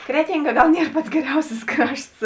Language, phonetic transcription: Lithuanian, ˈkretinˌga ˈgal ˈnier ˈpats geˈriausis ˈkrašts

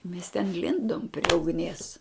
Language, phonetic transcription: Lithuanian, mes ten ˈlindom prie ugˈnies

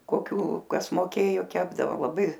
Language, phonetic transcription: Lithuanian, koˈkių ˈkas moˈkėjo ˈkepdavo laˈbai

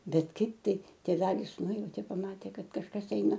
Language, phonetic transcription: Lithuanian, ˈbet ˈkaip ˈtai tėˈvelis ˈnujautė paˈmatė ˈkad kažˈkas ˈeina

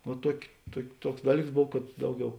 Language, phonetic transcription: Lithuanian, o ˈtuoki ˈtuok' ˈtuoks ˈdaˌlyks ˈbov kad ˈdauˌgiau

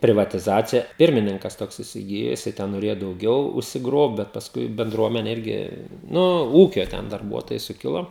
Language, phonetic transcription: Lithuanian, privatiˈzacija ˈpirmininkas ˈtoks isiˈgijo jiˈsai ˈten noˈrėjo dauˈgiau užsiˈgrobt bet paˈskui benˈdruomene ˈirgi ˈnu ˈūkio ˈten darˈbuotojai suˈkilo

